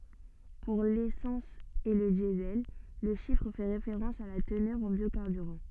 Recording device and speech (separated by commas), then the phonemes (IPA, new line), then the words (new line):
soft in-ear microphone, read sentence
puʁ lesɑ̃s e lə djəzɛl lə ʃifʁ fɛ ʁefeʁɑ̃s a la tənœʁ ɑ̃ bjokaʁbyʁɑ̃
Pour l'essence et le Diesel, le chiffre fait référence à la teneur en biocarburant.